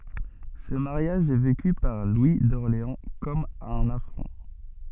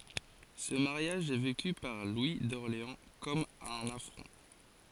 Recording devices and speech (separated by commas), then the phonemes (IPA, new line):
soft in-ear microphone, forehead accelerometer, read sentence
sə maʁjaʒ ɛ veky paʁ lwi dɔʁleɑ̃ kɔm œ̃n afʁɔ̃